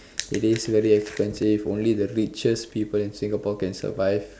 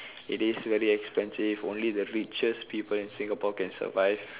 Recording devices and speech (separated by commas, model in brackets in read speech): standing microphone, telephone, conversation in separate rooms